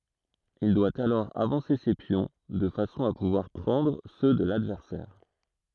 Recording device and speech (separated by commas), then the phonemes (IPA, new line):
throat microphone, read sentence
il dwa alɔʁ avɑ̃se se pjɔ̃ də fasɔ̃ a puvwaʁ pʁɑ̃dʁ sø də ladvɛʁsɛʁ